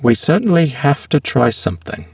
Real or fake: fake